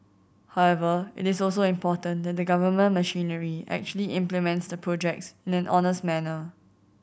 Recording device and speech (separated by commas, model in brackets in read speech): boundary microphone (BM630), read sentence